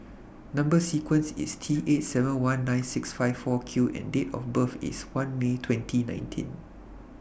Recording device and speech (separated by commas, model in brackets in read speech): boundary microphone (BM630), read sentence